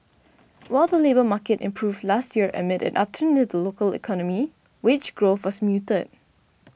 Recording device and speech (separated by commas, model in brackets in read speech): boundary microphone (BM630), read sentence